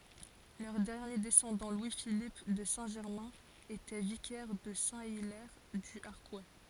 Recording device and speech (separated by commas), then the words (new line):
forehead accelerometer, read sentence
Leur dernier descendant, Louis Philippe de Saint-Germain était vicaire de Saint-Hilaire-du-Harcouët.